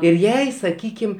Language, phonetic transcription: Lithuanian, jau ˈjai saˈkykim

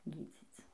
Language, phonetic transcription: Lithuanian, ˈgydzyc

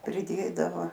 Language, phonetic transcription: Lithuanian, priˈdėdavo

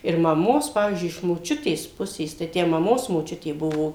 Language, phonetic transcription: Lithuanian, ir maˈmos ˈpavyzdžiui iš moˈčiutės ˈpusės tai ˈtę maˈmos moˈčiutė ˈbuvo

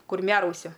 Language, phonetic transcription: Lithuanian, kurˈmiarausiu

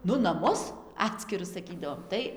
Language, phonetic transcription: Lithuanian, ˈnu naˈmus ˈatskirus saˈkydavom ˈtai

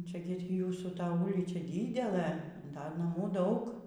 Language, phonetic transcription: Lithuanian, ˈčia ˈgi ir jūsų ˈta ˈūlyčia ˈdidelɘ ˈda naˈmų ˈdaug

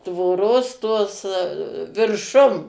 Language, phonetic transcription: Lithuanian, tvoˈros tos virˈšum

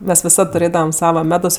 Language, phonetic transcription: Lithuanian, ˈmes viˈsad tuˈrėdavam ˈsava ˈmedos

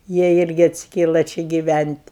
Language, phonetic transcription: Lithuanian, ˈjie ˈirgi atsiˈkėla ˈči giˈvænt'

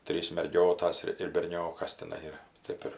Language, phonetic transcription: Lithuanian, ˈtrys merˈgiotas ir ir berˈniokas tiˈnai ir ˈtėp ir

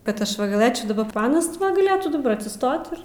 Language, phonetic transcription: Lithuanian, kad ˈaš va gaˈlɘčiau daˈba ˈanas ti ˈva gaˈlėtų daˈba atsiˈstot ir

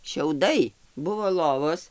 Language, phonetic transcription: Lithuanian, šiauˈdai ˈbuvo ˈlovos

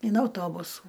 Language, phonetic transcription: Lithuanian, in auˈtobusų

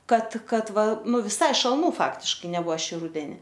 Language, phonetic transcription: Lithuanian, ˈkad ˈkad ˈva ˈnu viˈsai šalˈnų ˈfaktiškai neˈbuo ˈšį ˈrudeni

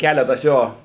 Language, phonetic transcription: Lithuanian, ˈkæletas ˈjo

